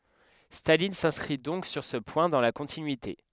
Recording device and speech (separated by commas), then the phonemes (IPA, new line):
headset microphone, read sentence
stalin sɛ̃skʁi dɔ̃k syʁ sə pwɛ̃ dɑ̃ la kɔ̃tinyite